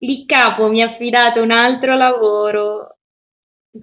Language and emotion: Italian, surprised